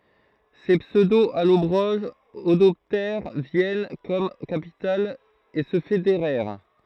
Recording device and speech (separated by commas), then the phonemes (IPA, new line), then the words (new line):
throat microphone, read sentence
se psødoalɔbʁoʒz adɔptɛʁ vjɛn kɔm kapital e sə fedeʁɛʁ
Ces pseudo-Allobroges adoptèrent Vienne comme capitale et se fédérèrent.